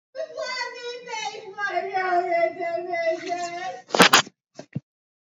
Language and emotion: English, sad